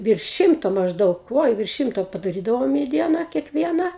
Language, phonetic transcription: Lithuanian, virš ˈšimto mažˈdaug oi virš ˈšimto padaˈrydavom į ˈdieną kiekˈviena

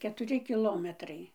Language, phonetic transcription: Lithuanian, ketuˈri kiˈlometrai

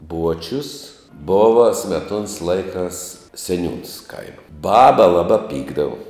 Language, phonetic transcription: Lithuanian, ˈbuočius ˈbova smeˈtuons ˈlaikās seˈniūns ˈkaima ˈbaba ˈlabā ˈpykdavu

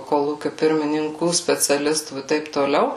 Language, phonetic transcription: Lithuanian, koˈlūkiu pirmininˈkų speciaˈlistų i ˈtaip toˈliau

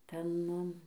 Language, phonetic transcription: Lithuanian, ˈten

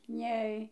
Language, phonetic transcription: Lithuanian, ˈnei

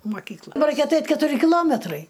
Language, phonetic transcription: Lithuanian, moˈkykla ba ˈraikia aˈtait' ketuˈri kiˈlometrai

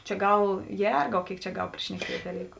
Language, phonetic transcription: Lithuanian, čia ˈgal ˈjergau ˈkėik čia ˈgal prišneˈkiet' daˈlyku

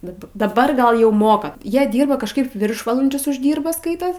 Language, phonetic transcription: Lithuanian, bet daˈbar ˈgal jau ˈmoka ˈjie ˈdyrba kažˈkaip ˈviršvalandžius užˈdyrba ˈskaitos

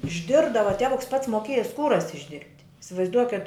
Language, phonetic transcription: Lithuanian, išˈdirbdava ˈtevuks pats moˈkėja ˈskūras išˈdirbt' isivaizˈduoket

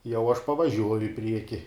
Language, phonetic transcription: Lithuanian, jau aš pavaˈžiuoju i ˈprieki

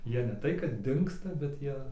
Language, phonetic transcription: Lithuanian, ˈjie ne ˈtai kad ˈdingsta bet ˈjie

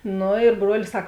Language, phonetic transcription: Lithuanian, ˈnu ir ˈbruolis ˈsak

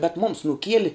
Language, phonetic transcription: Lithuanian, bet mums nuˈkieli

